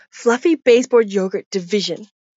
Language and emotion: English, disgusted